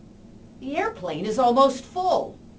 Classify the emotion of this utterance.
angry